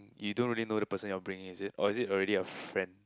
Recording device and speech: close-talking microphone, conversation in the same room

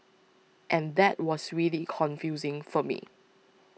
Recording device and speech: mobile phone (iPhone 6), read sentence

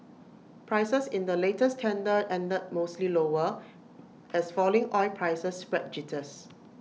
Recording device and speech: mobile phone (iPhone 6), read sentence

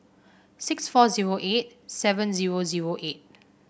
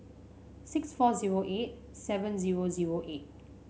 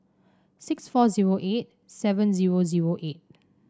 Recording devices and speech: boundary microphone (BM630), mobile phone (Samsung C5), standing microphone (AKG C214), read sentence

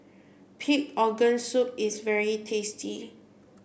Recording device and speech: boundary microphone (BM630), read sentence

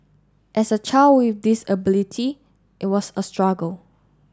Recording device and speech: standing microphone (AKG C214), read sentence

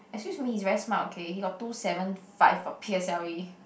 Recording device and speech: boundary microphone, conversation in the same room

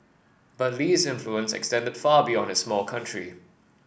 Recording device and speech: boundary microphone (BM630), read sentence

